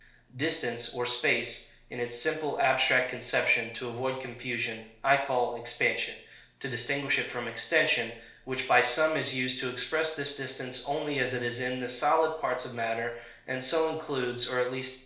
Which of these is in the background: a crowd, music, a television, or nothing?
Nothing.